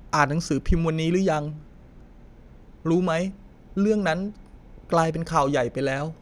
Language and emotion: Thai, sad